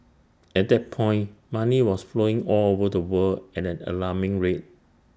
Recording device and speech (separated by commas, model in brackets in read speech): standing microphone (AKG C214), read sentence